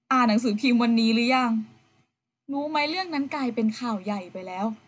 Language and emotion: Thai, frustrated